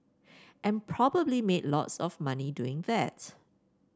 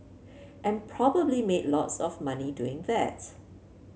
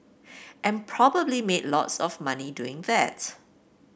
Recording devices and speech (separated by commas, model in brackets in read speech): standing microphone (AKG C214), mobile phone (Samsung C7), boundary microphone (BM630), read sentence